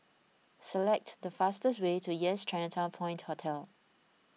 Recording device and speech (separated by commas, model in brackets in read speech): mobile phone (iPhone 6), read sentence